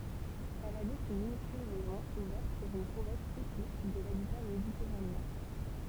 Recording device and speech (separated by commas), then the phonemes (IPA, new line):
temple vibration pickup, read sentence
ɛl abit yn minyskyl mɛzɔ̃ uvɛʁt syʁ yn kuʁɛt tipik də labita meditɛʁaneɛ̃